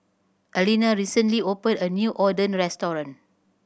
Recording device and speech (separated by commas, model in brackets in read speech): boundary microphone (BM630), read sentence